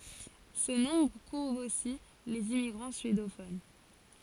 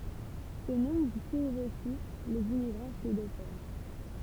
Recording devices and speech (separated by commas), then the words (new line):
forehead accelerometer, temple vibration pickup, read sentence
Ce nombre couvre aussi les immigrants suédophones.